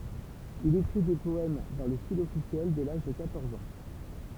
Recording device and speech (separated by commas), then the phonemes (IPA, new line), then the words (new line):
temple vibration pickup, read sentence
il ekʁi de pɔɛm dɑ̃ lə stil ɔfisjɛl dɛ laʒ də kwatɔʁz ɑ̃
Il écrit des poèmes dans le style officiel dès l'âge de quatorze ans.